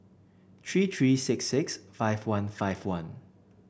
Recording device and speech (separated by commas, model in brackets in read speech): boundary microphone (BM630), read sentence